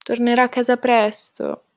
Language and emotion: Italian, sad